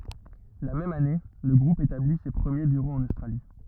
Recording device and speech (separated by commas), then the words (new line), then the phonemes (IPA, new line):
rigid in-ear microphone, read sentence
La même année, le groupe établit ses premiers bureaux en Australie.
la mɛm ane lə ɡʁup etabli se pʁəmje byʁoz ɑ̃n ostʁali